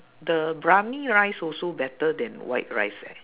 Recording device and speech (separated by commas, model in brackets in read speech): telephone, conversation in separate rooms